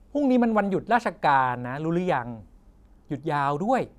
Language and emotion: Thai, neutral